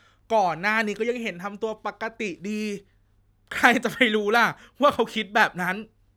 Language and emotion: Thai, happy